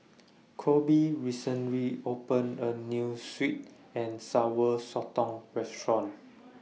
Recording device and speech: mobile phone (iPhone 6), read sentence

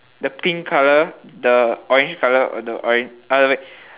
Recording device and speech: telephone, conversation in separate rooms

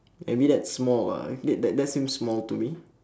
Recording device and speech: standing microphone, conversation in separate rooms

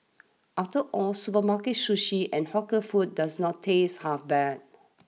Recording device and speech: mobile phone (iPhone 6), read sentence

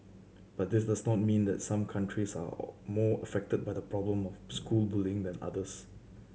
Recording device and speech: mobile phone (Samsung C7100), read sentence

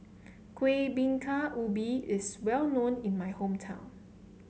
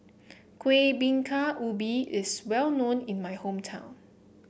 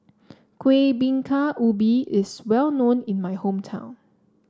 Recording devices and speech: mobile phone (Samsung C7), boundary microphone (BM630), standing microphone (AKG C214), read sentence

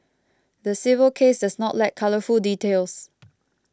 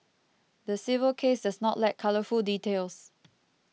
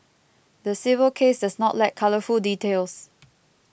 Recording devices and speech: close-talking microphone (WH20), mobile phone (iPhone 6), boundary microphone (BM630), read sentence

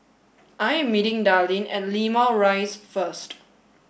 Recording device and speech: boundary microphone (BM630), read sentence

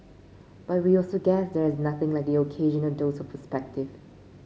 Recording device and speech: mobile phone (Samsung C5), read sentence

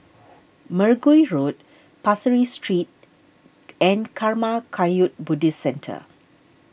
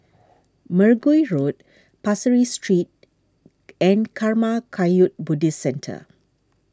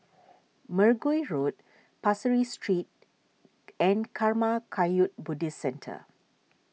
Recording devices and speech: boundary microphone (BM630), standing microphone (AKG C214), mobile phone (iPhone 6), read sentence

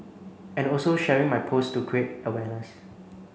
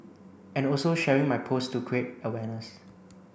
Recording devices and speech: mobile phone (Samsung C9), boundary microphone (BM630), read sentence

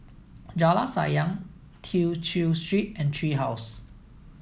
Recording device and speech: mobile phone (iPhone 7), read sentence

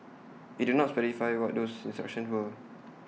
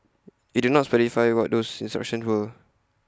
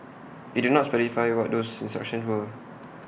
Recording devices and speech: mobile phone (iPhone 6), close-talking microphone (WH20), boundary microphone (BM630), read sentence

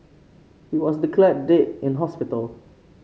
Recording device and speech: mobile phone (Samsung C5), read sentence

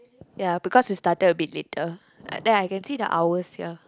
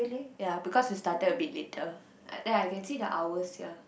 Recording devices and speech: close-talking microphone, boundary microphone, conversation in the same room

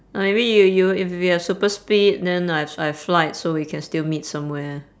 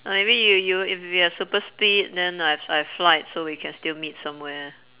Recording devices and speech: standing microphone, telephone, conversation in separate rooms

